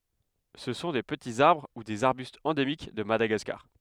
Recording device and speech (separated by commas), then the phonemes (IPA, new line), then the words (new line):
headset microphone, read sentence
sə sɔ̃ de pətiz aʁbʁ u dez aʁbystz ɑ̃demik də madaɡaskaʁ
Ce sont des petits arbres ou des arbustes endémiques de Madagascar.